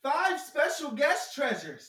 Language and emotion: English, happy